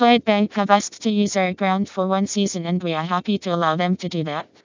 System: TTS, vocoder